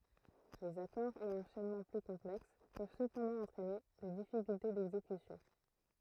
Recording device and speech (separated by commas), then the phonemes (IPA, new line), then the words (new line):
throat microphone, read sentence
lez akɔʁz e ɑ̃ʃɛnmɑ̃ ply kɔ̃plɛks pøv səpɑ̃dɑ̃ ɑ̃tʁɛne de difikylte dɛɡzekysjɔ̃
Les accords et enchaînements plus complexes peuvent cependant entraîner des difficultés d'exécution.